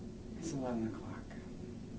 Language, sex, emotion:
English
male
neutral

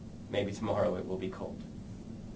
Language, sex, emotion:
English
male
neutral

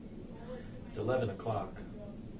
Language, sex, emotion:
English
male
neutral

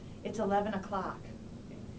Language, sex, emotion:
English
female
neutral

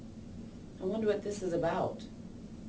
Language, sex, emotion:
English
female
fearful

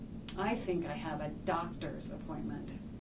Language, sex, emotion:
English
female
disgusted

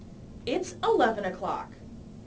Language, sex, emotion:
English
female
disgusted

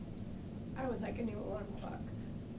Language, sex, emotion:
English
female
neutral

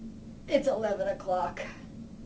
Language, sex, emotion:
English
female
disgusted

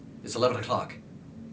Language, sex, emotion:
English
male
neutral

